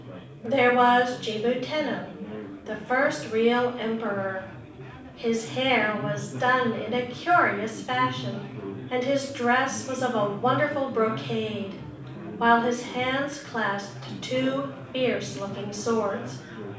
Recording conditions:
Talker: one person; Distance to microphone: 5.8 m; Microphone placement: far; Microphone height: 1.8 m; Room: medium-sized (5.7 m by 4.0 m); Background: babble

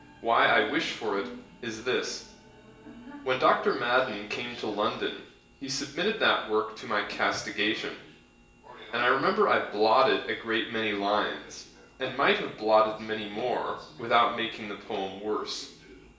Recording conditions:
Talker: one person; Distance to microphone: 1.8 m; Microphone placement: close; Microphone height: 1.0 m; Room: large; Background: television

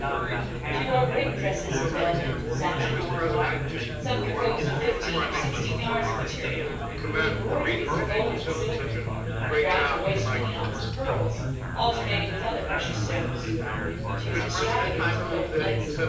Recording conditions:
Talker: one person; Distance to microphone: 9.8 m; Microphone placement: far; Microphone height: 1.8 m; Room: large; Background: babble

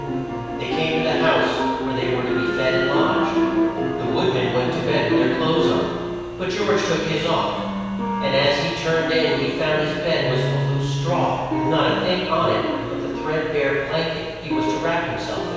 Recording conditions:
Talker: one person; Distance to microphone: 7.1 m; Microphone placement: far; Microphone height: 1.7 m; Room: very reverberant, large; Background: music

